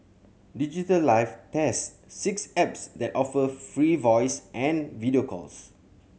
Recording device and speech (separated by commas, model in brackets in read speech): mobile phone (Samsung C7100), read sentence